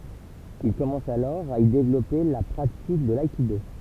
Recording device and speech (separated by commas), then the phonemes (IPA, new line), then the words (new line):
temple vibration pickup, read sentence
il kɔmɑ̃s alɔʁ a i devlɔpe la pʁatik də laikido
Il commence alors à y développer la pratique de l'aïkido.